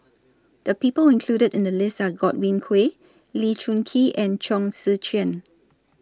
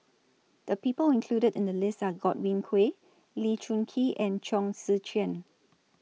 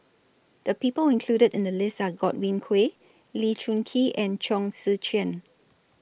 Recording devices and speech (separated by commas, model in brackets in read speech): standing microphone (AKG C214), mobile phone (iPhone 6), boundary microphone (BM630), read sentence